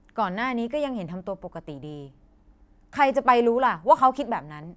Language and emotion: Thai, angry